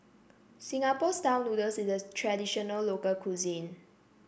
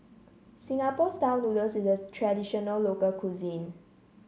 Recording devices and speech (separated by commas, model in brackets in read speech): boundary microphone (BM630), mobile phone (Samsung C7), read sentence